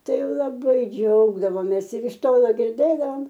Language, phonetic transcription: Lithuanian, ˈtai laˈbai ˈdžiaugdavomės ir iš ˈtolo girˈdėdavom

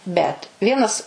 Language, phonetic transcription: Lithuanian, bet ˈvienas

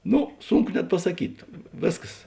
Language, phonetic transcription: Lithuanian, ˈno ˈsunˌku net pasaˈkyt ˈvėsˌkas

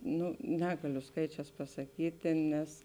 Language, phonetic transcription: Lithuanian, ˈnu ˈnegaliu ˈskaičēs pasaˈkytė nes

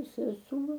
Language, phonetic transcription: Lithuanian, seˈsuo

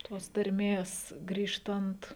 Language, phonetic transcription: Lithuanian, tos tarˈmės ˈgrįžtant

